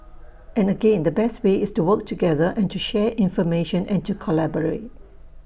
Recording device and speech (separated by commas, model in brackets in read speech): boundary microphone (BM630), read sentence